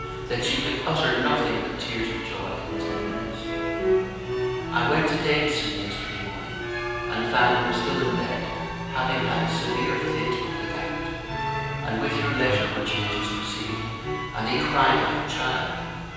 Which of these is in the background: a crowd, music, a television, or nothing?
Music.